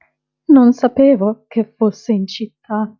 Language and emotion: Italian, fearful